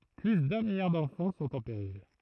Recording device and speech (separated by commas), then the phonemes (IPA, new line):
throat microphone, read sentence
ply dœ̃ miljaʁ dɑ̃fɑ̃ sɔ̃t ɑ̃ peʁil